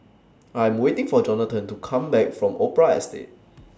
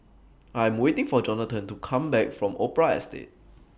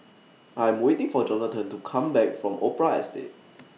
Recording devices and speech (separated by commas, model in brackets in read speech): standing microphone (AKG C214), boundary microphone (BM630), mobile phone (iPhone 6), read sentence